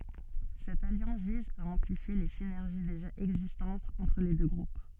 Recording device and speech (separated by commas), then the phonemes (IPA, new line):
soft in-ear microphone, read sentence
sɛt aljɑ̃s viz a ɑ̃plifje le sinɛʁʒi deʒa ɛɡzistɑ̃tz ɑ̃tʁ le dø ɡʁup